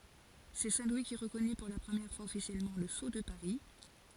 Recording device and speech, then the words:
forehead accelerometer, read sentence
C'est Saint Louis qui reconnut pour la première fois officiellement le sceau de Paris.

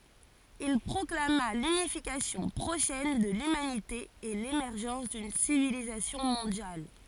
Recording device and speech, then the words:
forehead accelerometer, read sentence
Il proclama l’unification prochaine de l’humanité et l’émergence d’une civilisation mondiale.

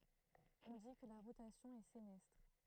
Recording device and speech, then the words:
throat microphone, read sentence
On dit que la rotation est sénestre.

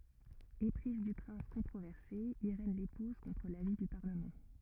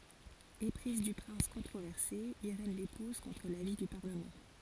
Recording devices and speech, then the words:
rigid in-ear microphone, forehead accelerometer, read sentence
Éprise du prince controversé, Irène l'épouse contre l'avis du Parlement.

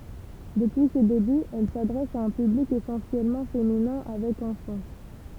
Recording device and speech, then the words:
temple vibration pickup, read sentence
Depuis ses débuts, elle s’adresse à un public essentiellement féminin avec enfants.

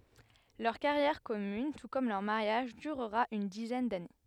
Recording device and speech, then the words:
headset microphone, read sentence
Leur carrière commune, tout comme leur mariage, durera une dizaine d'années.

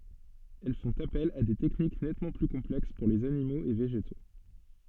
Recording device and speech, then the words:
soft in-ear microphone, read sentence
Elles font appel à des techniques nettement plus complexes pour les animaux et végétaux.

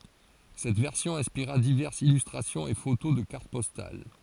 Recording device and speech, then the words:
forehead accelerometer, read sentence
Cette version inspira diverses illustrations et photos de cartes postales.

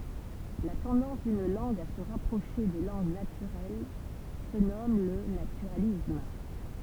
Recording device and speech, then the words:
temple vibration pickup, read sentence
La tendance d'une langue à se rapprocher des langues naturelles se nomme le naturalisme.

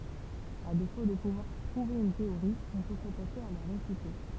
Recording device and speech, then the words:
temple vibration pickup, read sentence
À défaut de pouvoir prouver une théorie, on peut s'attacher à la réfuter.

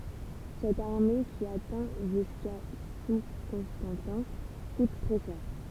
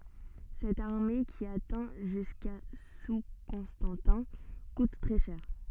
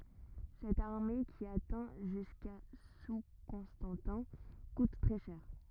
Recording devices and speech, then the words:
temple vibration pickup, soft in-ear microphone, rigid in-ear microphone, read sentence
Cette armée qui atteint jusqu'à sous Constantin coûte très cher.

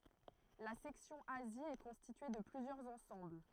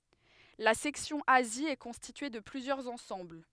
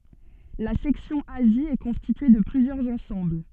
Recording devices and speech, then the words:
throat microphone, headset microphone, soft in-ear microphone, read sentence
La section Asie est constituée de plusieurs ensembles.

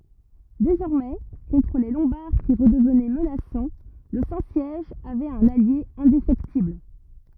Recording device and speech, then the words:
rigid in-ear microphone, read sentence
Désormais, contre les Lombards qui redevenaient menaçants, le Saint-Siège avait un allié indéfectible.

